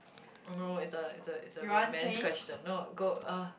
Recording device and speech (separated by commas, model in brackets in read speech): boundary microphone, conversation in the same room